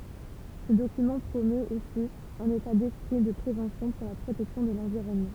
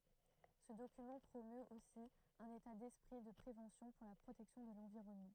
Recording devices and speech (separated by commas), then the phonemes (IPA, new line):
temple vibration pickup, throat microphone, read sentence
sə dokymɑ̃ pʁomøt osi œ̃n eta dɛspʁi də pʁevɑ̃sjɔ̃ puʁ la pʁotɛksjɔ̃ də lɑ̃viʁɔnmɑ̃